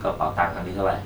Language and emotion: Thai, neutral